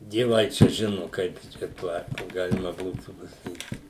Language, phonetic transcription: Lithuanian, dieˈvai čia ˈžinu ˈkaip čiaˈtuo ˈatveju kaip ˈgalima ˈbūtų pasaˈkyt

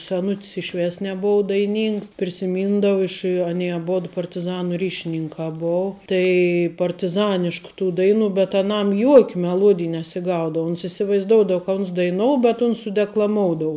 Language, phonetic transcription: Lithuanian, seˈnut's iš ˈvės neˈbou daiˈnyngs prisiˈmyndavu iš aˈnie aˈbod partiˈzanu ˈryšininkā ˈbou tai partiˈzanišku tų ˈdaiˌnų bet aˈnam juok' meˈluodij nesiˈgaudavu ons isivaizˈdoudav ka uns daiˈnou bet uns sudeklaˈmoudou

